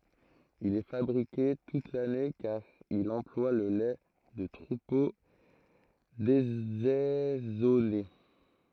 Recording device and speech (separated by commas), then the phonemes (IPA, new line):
throat microphone, read sentence
il ɛ fabʁike tut lane kaʁ il ɑ̃plwa lə lɛ də tʁupo dezɛzɔne